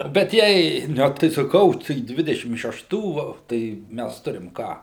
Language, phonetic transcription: Lithuanian, bet ˈjei ˈne tai saˈkau tai ˈdvidešim šeˈštų ˈva tai ˈmæs ˈturim ˈką

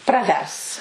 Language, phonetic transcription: Lithuanian, praˈvers

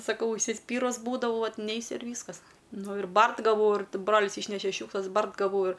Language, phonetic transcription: Lithuanian, saˈkau užsiˈspyrus ˈbūdavau ˈvat ˈneisiu ir ˈvyskas ˈnu ir ˈbart gaˈvau ir ˈbrolis ˈyšneše ˈšiūkšlas ˈbart gaˈvau ir

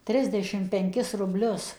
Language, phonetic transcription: Lithuanian, ˈtrisdešim penˈkis rubˈlius

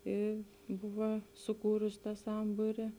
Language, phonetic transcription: Lithuanian, i ˈbuva suˈkūrus ˈtą ˈsambūri

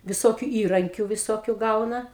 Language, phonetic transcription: Lithuanian, viˈsokiu ˈįrankiu viˈsokiu ˈgauna

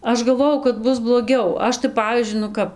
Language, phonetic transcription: Lithuanian, ˈaš galˈvojau kad ˈbus bloˈgiau ˈaš tai ˈpavyzdžiui nu ˈkap

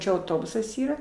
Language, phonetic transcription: Lithuanian, ˈčia auˈtobusas ˈyra

